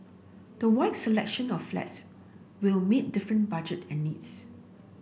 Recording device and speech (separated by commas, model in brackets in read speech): boundary microphone (BM630), read sentence